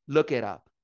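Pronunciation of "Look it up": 'Look it up' runs together like one new word instead of three separate words, with a flap T joining 'it' to 'up'.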